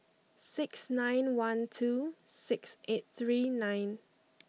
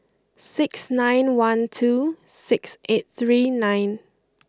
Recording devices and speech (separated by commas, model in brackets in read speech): mobile phone (iPhone 6), close-talking microphone (WH20), read sentence